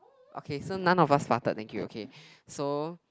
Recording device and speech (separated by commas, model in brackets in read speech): close-talking microphone, conversation in the same room